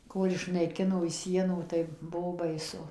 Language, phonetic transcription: Lithuanian, ˈkol išnaiˈkino iš ˈsienų tai ˈbuo baiˈsu

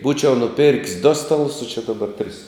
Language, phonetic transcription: Lithuanian, ˈbūčiau nuˈpir'k's' do ˈstaˌlus o či daˈbar tris

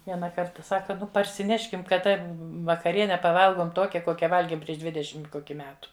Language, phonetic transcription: Lithuanian, ˈviena ˈkarta ˈsaka ˈnu parsiˈneškim kaˈda vakaˈriene paˈvalgom ˈtokia ˈkokia ˈvalgėm prieš ˈdvidešim ˈkoki ˈmetu

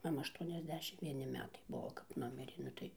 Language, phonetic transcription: Lithuanian, maˈma ašˌtuoniasˈdešimt vieˈni ˈmetai ˈbuo kap ˈnumirė ˈnu tai

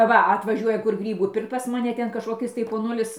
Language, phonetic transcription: Lithuanian, ˈva atvaˈžiuoja kur ˈgrybų ˈpirkt pas maˈne ˈten kažkoˈkis tai poˈnulis

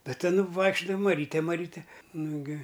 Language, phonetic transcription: Lithuanian, ˈta ˈtin ˈvaikščiudava maˈryte maˈryte ˈnugi

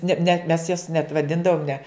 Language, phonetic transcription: Lithuanian, ne net mes jas net vaˈdindavom ne

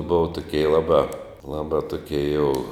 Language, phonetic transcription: Lithuanian, ˈbuva tuˈkie ˈlabā ˈlabā tuˈkie jau

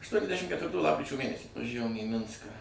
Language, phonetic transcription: Lithuanian, aštuoniasˈdæšim ketvirˈtų ˈlapkričio ˈmėnesį vaˈžævom į ˈminską

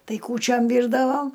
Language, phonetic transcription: Lithuanian, ˈtai kūˈčiom ˈvyrdavo

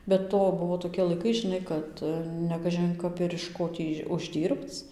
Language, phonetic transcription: Lithuanian, be ˈto ˈbuvo tokie laiˈkai žiˈnai ˈkad nekažin ˈkap ir iš ˈko tį užˈdyrbc

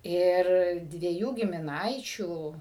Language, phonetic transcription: Lithuanian, ˈir dvieˈjų gimiˈnaičių

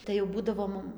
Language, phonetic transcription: Lithuanian, tai jau ˈbūdavo ˈmum

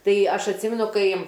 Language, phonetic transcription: Lithuanian, ˈtai ˈaš atˈsimenu ˈkai

